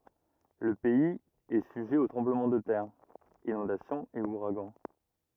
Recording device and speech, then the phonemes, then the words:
rigid in-ear microphone, read sentence
lə pɛiz ɛ syʒɛ o tʁɑ̃bləmɑ̃ də tɛʁ inɔ̃dasjɔ̃z e uʁaɡɑ̃
Le pays est sujet aux tremblements de terre, inondations et ouragans.

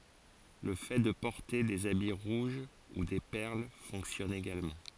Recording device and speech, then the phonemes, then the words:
forehead accelerometer, read sentence
lə fɛ də pɔʁte dez abi ʁuʒ u de pɛʁl fɔ̃ksjɔn eɡalmɑ̃
Le fait de porter des habits rouges ou des perles fonctionne également.

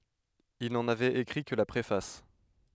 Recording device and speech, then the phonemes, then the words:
headset microphone, read sentence
il nɑ̃n avɛt ekʁi kə la pʁefas
Il n'en avait écrit que la préface.

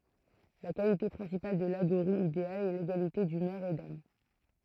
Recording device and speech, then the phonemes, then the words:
throat microphone, read sentence
la kalite pʁɛ̃sipal də laɡoʁi ideal ɛ leɡalite dymœʁ e dam
La qualité principale de l'aghori idéal est l’égalité d'humeur et d'âme.

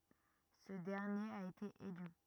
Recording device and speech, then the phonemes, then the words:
rigid in-ear microphone, read sentence
sə dɛʁnjeʁ a ete ely
Ce dernier a été élu.

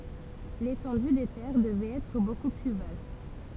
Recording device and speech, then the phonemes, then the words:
temple vibration pickup, read sentence
letɑ̃dy de tɛʁ dəvɛt ɛtʁ boku ply vast
L'étendue des terres devait être beaucoup plus vaste.

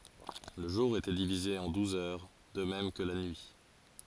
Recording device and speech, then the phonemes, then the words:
forehead accelerometer, read sentence
lə ʒuʁ etɛ divize ɑ̃ duz œʁ də mɛm kə la nyi
Le jour était divisé en douze heures, de même que la nuit.

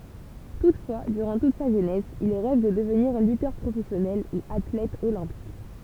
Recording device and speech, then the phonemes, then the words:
temple vibration pickup, read sentence
tutfwa dyʁɑ̃ tut sa ʒønɛs il ʁɛv də dəvniʁ lytœʁ pʁofɛsjɔnɛl u atlɛt olɛ̃pik
Toutefois, durant toute sa jeunesse, il rêve de devenir lutteur professionnel ou athlète olympique.

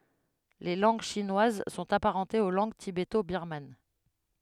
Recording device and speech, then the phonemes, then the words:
headset microphone, read sentence
le lɑ̃ɡ ʃinwaz sɔ̃t apaʁɑ̃tez o lɑ̃ɡ tibeto biʁman
Les langues chinoises sont apparentées aux langues tibéto-birmanes.

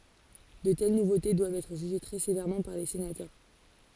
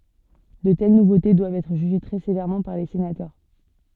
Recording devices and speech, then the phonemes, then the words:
forehead accelerometer, soft in-ear microphone, read sentence
də tɛl nuvote dwavt ɛtʁ ʒyʒe tʁɛ sevɛʁmɑ̃ paʁ le senatœʁ
De telles nouveautés doivent être jugées très sévèrement par les sénateurs.

